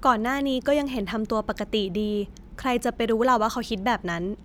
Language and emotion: Thai, neutral